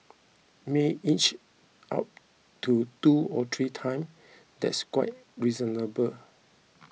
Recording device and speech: mobile phone (iPhone 6), read sentence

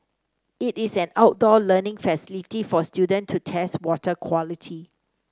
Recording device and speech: standing microphone (AKG C214), read sentence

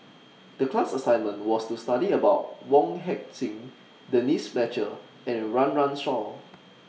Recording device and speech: mobile phone (iPhone 6), read sentence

